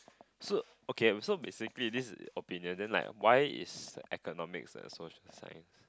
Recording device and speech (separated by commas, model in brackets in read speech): close-talking microphone, conversation in the same room